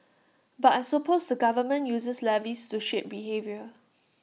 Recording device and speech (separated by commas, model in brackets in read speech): mobile phone (iPhone 6), read sentence